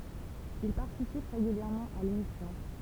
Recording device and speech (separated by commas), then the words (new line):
temple vibration pickup, read sentence
Il participe régulièrement à l’émission.